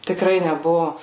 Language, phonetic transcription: Lithuanian, tikˈrai neˈbuvo

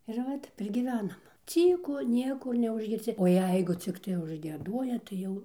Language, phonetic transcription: Lithuanian, ir ˈvat ˈtep ir gyˈvenam ˈcyku ˈniekur neužgirˈsi o ˈjeigu ˈciktai užgieˈduoja tai ˈjau

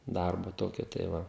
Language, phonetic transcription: Lithuanian, ˈdarbu ˈtokiu tai ˈva

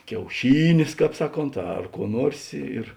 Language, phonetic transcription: Lithuanian, kiauˈšynės ˈkāp ˈsaˌkont ar kuo ˈnuors' i ir

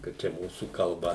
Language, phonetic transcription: Lithuanian, ka ˈčia ˈmūsų kalˈba

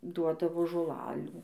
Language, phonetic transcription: Lithuanian, ˈduodavo žoˈlalių

